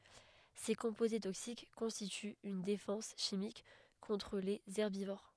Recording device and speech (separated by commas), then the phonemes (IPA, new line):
headset microphone, read sentence
se kɔ̃poze toksik kɔ̃stityt yn defɑ̃s ʃimik kɔ̃tʁ lez ɛʁbivoʁ